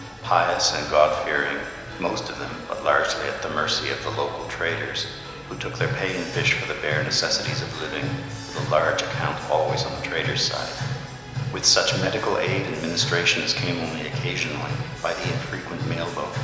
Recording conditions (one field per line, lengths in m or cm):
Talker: one person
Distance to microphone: 1.7 m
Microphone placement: close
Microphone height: 1.0 m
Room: very reverberant, large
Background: music